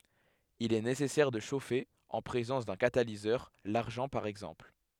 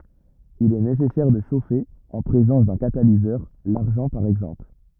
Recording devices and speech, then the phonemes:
headset microphone, rigid in-ear microphone, read sentence
il ɛ nesɛsɛʁ də ʃofe ɑ̃ pʁezɑ̃s dœ̃ katalizœʁ laʁʒɑ̃ paʁ ɛɡzɑ̃pl

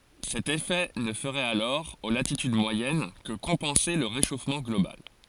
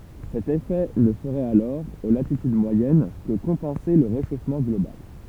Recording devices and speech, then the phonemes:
forehead accelerometer, temple vibration pickup, read sentence
sɛt efɛ nə fəʁɛt alɔʁ o latityd mwajɛn kə kɔ̃pɑ̃se lə ʁeʃofmɑ̃ ɡlobal

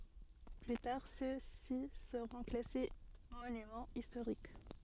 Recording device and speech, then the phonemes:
soft in-ear microphone, read sentence
ply taʁ søksi səʁɔ̃ klase monymɑ̃ istoʁik

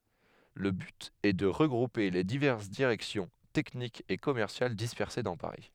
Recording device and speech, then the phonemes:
headset microphone, read sentence
lə byt ɛ də ʁəɡʁupe le divɛʁs diʁɛksjɔ̃ tɛknikz e kɔmɛʁsjal dispɛʁse dɑ̃ paʁi

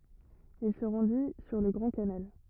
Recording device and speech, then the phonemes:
rigid in-ear microphone, read sentence
il sə ʁɑ̃di syʁ lə ɡʁɑ̃ kanal

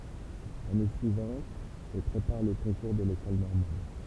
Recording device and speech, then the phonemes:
temple vibration pickup, read sentence
lane syivɑ̃t e pʁepaʁ lə kɔ̃kuʁ də lekɔl nɔʁmal

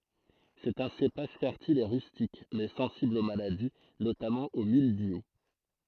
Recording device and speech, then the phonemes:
throat microphone, read sentence
sɛt œ̃ sepaʒ fɛʁtil e ʁystik mɛ sɑ̃sibl o maladi notamɑ̃ o mildju

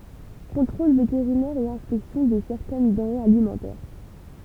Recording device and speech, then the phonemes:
temple vibration pickup, read sentence
kɔ̃tʁol veteʁinɛʁ e ɛ̃spɛksjɔ̃ də sɛʁtɛn dɑ̃ʁez alimɑ̃tɛʁ

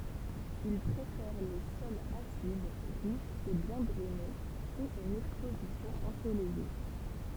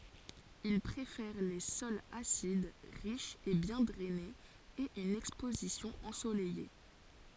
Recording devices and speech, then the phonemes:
temple vibration pickup, forehead accelerometer, read sentence
il pʁefɛʁ le sɔlz asid ʁiʃz e bjɛ̃ dʁɛnez e yn ɛkspozisjɔ̃ ɑ̃solɛje

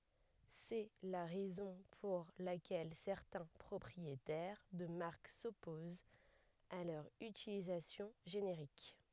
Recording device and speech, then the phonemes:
headset microphone, read sentence
sɛ la ʁɛzɔ̃ puʁ lakɛl sɛʁtɛ̃ pʁɔpʁietɛʁ də maʁk sɔpozt a lœʁ ytilizasjɔ̃ ʒeneʁik

